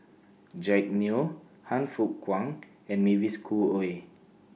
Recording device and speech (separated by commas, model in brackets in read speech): mobile phone (iPhone 6), read sentence